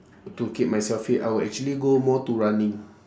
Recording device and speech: standing microphone, conversation in separate rooms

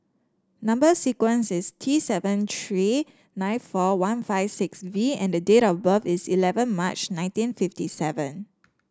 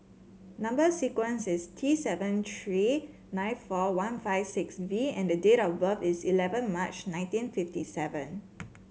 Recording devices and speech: standing microphone (AKG C214), mobile phone (Samsung C7), read sentence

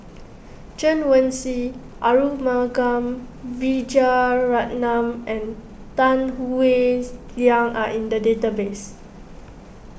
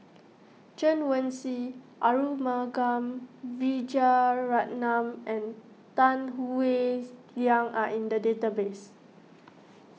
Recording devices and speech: boundary microphone (BM630), mobile phone (iPhone 6), read sentence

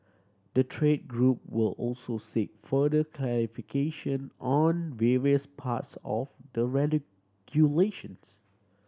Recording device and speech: standing microphone (AKG C214), read sentence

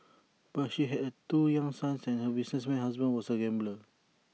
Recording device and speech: mobile phone (iPhone 6), read sentence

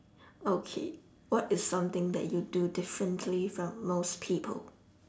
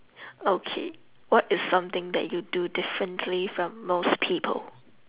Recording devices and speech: standing microphone, telephone, conversation in separate rooms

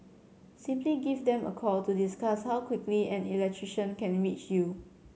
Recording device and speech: mobile phone (Samsung C7100), read sentence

